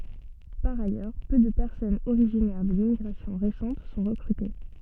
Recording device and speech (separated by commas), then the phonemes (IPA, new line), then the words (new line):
soft in-ear microphone, read sentence
paʁ ajœʁ pø də pɛʁsɔnz oʁiʒinɛʁ də limmiɡʁasjɔ̃ ʁesɑ̃t sɔ̃ ʁəkʁyte
Par ailleurs, peu de personnes originaires de l'immigration récente sont recrutées.